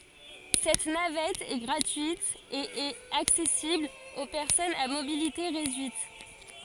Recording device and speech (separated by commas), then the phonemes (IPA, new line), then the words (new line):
forehead accelerometer, read sentence
sɛt navɛt ɛ ɡʁatyit e ɛt aksɛsibl o pɛʁsɔnz a mobilite ʁedyit
Cette navette est gratuite et est accessible aux personnes à mobilité réduite.